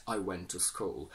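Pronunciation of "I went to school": In 'went', the t is removed completely rather than replaced by a glottal stop.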